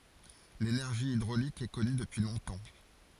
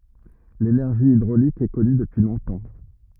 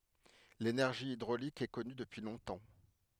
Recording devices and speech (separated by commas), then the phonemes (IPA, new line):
forehead accelerometer, rigid in-ear microphone, headset microphone, read sentence
lenɛʁʒi idʁolik ɛ kɔny dəpyi lɔ̃tɑ̃